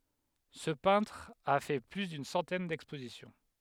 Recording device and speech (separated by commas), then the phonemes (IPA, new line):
headset microphone, read sentence
sə pɛ̃tʁ a fɛ ply dyn sɑ̃tɛn dɛkspozisjɔ̃